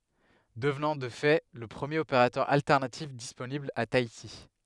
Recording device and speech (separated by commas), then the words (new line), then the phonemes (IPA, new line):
headset microphone, read sentence
Devenant de fait le premier opérateur alternatif disponible a Tahiti.
dəvnɑ̃ də fɛ lə pʁəmjeʁ opeʁatœʁ altɛʁnatif disponibl a taiti